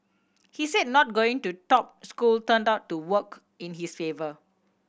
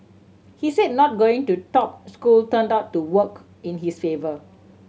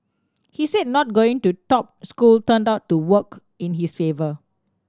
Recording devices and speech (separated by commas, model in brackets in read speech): boundary microphone (BM630), mobile phone (Samsung C7100), standing microphone (AKG C214), read sentence